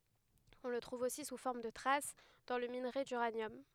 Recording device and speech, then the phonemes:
headset microphone, read sentence
ɔ̃ lə tʁuv osi su fɔʁm də tʁas dɑ̃ lə minʁe dyʁanjɔm

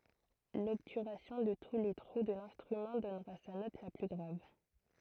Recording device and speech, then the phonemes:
throat microphone, read sentence
lɔbtyʁasjɔ̃ də tu le tʁu də lɛ̃stʁymɑ̃ dɔnʁa sa nɔt la ply ɡʁav

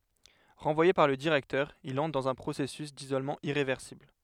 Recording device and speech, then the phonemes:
headset microphone, read sentence
ʁɑ̃vwaje paʁ lə diʁɛktœʁ il ɑ̃tʁ dɑ̃z œ̃ pʁosɛsys dizolmɑ̃ iʁevɛʁsibl

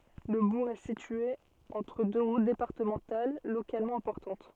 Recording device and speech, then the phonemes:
soft in-ear microphone, read sentence
lə buʁ ɛ sitye ɑ̃tʁ dø ʁut depaʁtəmɑ̃tal lokalmɑ̃ ɛ̃pɔʁtɑ̃t

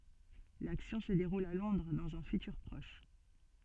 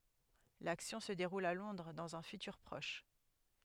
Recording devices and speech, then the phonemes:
soft in-ear microphone, headset microphone, read sentence
laksjɔ̃ sə deʁul a lɔ̃dʁ dɑ̃z œ̃ fytyʁ pʁɔʃ

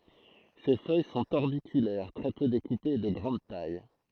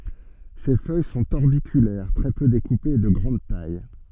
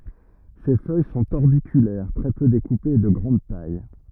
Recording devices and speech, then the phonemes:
throat microphone, soft in-ear microphone, rigid in-ear microphone, read sentence
se fœj sɔ̃t ɔʁbikylɛʁ tʁɛ pø dekupez e də ɡʁɑ̃d taj

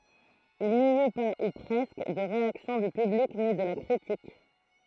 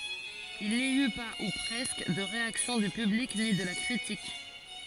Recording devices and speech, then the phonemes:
throat microphone, forehead accelerometer, read sentence
il ni y pa u pʁɛskə də ʁeaksjɔ̃ dy pyblik ni də la kʁitik

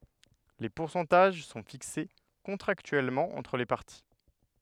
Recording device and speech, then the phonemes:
headset microphone, read sentence
le puʁsɑ̃taʒ sɔ̃ fikse kɔ̃tʁaktyɛlmɑ̃ ɑ̃tʁ le paʁti

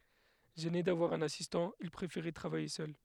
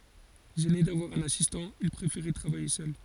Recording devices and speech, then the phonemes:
headset microphone, forehead accelerometer, read sentence
ʒɛne davwaʁ œ̃n asistɑ̃ il pʁefeʁɛ tʁavaje sœl

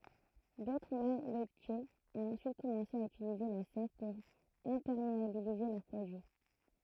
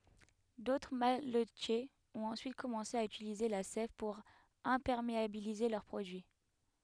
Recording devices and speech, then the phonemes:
throat microphone, headset microphone, read sentence
dotʁ malətjez ɔ̃t ɑ̃syit kɔmɑ̃se a ytilize la sɛv puʁ ɛ̃pɛʁmeabilize lœʁ pʁodyi

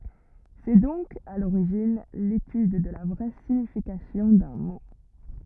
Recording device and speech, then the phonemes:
rigid in-ear microphone, read sentence
sɛ dɔ̃k a loʁiʒin letyd də la vʁɛ siɲifikasjɔ̃ dœ̃ mo

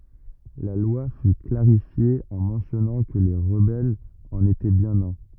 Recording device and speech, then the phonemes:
rigid in-ear microphone, read sentence
la lwa fy klaʁifje ɑ̃ mɑ̃sjɔnɑ̃ kə le ʁəbɛlz ɑ̃n etɛ bjɛ̃n œ̃

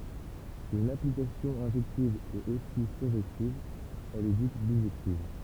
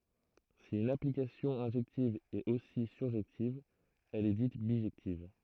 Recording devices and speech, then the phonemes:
temple vibration pickup, throat microphone, read sentence
si yn aplikasjɔ̃ ɛ̃ʒɛktiv ɛt osi syʁʒɛktiv ɛl ɛ dit biʒɛktiv

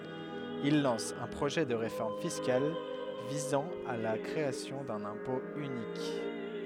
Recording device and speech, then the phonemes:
headset microphone, read sentence
il lɑ̃s œ̃ pʁoʒɛ də ʁefɔʁm fiskal vizɑ̃ a la kʁeasjɔ̃ dœ̃n ɛ̃pɔ̃ ynik

